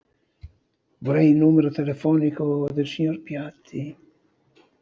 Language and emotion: Italian, fearful